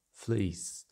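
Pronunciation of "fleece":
'Fleece' is said with a standard southern British vowel: the close vowel breaks into a closing diphthong that ends in a glide.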